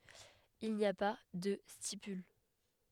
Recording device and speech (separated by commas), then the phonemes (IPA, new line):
headset microphone, read sentence
il ni a pa də stipyl